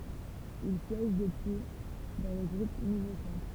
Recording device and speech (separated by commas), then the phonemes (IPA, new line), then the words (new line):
temple vibration pickup, read sentence
il sjɛʒ dəpyi dɑ̃ lə ɡʁup nuvo sɑ̃tʁ
Il siège depuis dans le groupe Nouveau Centre.